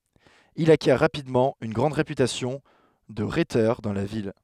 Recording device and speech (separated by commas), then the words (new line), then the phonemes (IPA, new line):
headset microphone, read sentence
Il acquiert rapidement une grande réputation de rhéteur dans la ville.
il akjɛʁ ʁapidmɑ̃ yn ɡʁɑ̃d ʁepytasjɔ̃ də ʁetœʁ dɑ̃ la vil